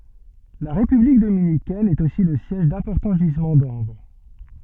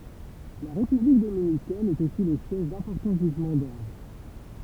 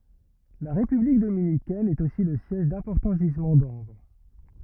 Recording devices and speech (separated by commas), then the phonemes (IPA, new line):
soft in-ear microphone, temple vibration pickup, rigid in-ear microphone, read sentence
la ʁepyblik dominikɛn ɛt osi lə sjɛʒ dɛ̃pɔʁtɑ̃ ʒizmɑ̃ dɑ̃bʁ